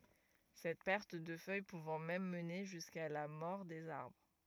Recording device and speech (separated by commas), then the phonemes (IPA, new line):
rigid in-ear microphone, read sentence
sɛt pɛʁt də fœj puvɑ̃ mɛm məne ʒyska la mɔʁ dez aʁbʁ